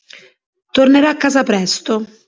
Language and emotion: Italian, neutral